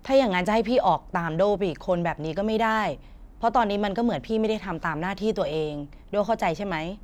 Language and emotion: Thai, frustrated